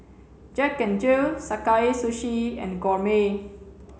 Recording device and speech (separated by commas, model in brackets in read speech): mobile phone (Samsung C7), read sentence